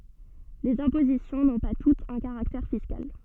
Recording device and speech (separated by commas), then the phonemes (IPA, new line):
soft in-ear microphone, read sentence
lez ɛ̃pozisjɔ̃ nɔ̃ pa tutz œ̃ kaʁaktɛʁ fiskal